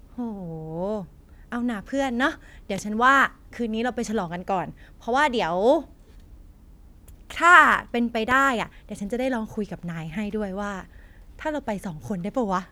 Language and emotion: Thai, happy